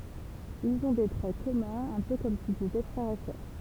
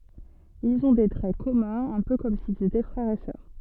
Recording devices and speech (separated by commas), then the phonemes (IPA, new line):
temple vibration pickup, soft in-ear microphone, read sentence
ilz ɔ̃ de tʁɛ kɔmœ̃z œ̃ pø kɔm silz etɛ fʁɛʁz e sœʁ